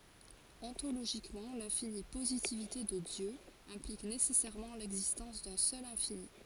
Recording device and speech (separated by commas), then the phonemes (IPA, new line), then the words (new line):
forehead accelerometer, read sentence
ɔ̃toloʒikmɑ̃ lɛ̃fini pozitivite də djø ɛ̃plik nesɛsɛʁmɑ̃ lɛɡzistɑ̃s dœ̃ sœl ɛ̃fini
Ontologiquement, l'infinie positivité de Dieu implique nécessairement l'existence d'un seul infini.